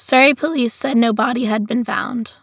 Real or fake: real